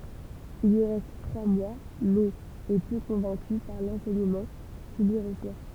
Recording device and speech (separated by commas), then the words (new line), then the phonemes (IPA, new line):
temple vibration pickup, read sentence
Il y reste trois mois, mais est peu convaincu par l'enseignement qu'il y reçoit.
il i ʁɛst tʁwa mwa mɛz ɛ pø kɔ̃vɛ̃ky paʁ lɑ̃sɛɲəmɑ̃ kil i ʁəswa